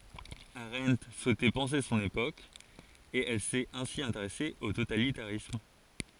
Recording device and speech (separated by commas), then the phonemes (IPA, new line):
forehead accelerometer, read sentence
aʁɑ̃t suɛtɛ pɑ̃se sɔ̃n epok e ɛl sɛt ɛ̃si ɛ̃teʁɛse o totalitaʁism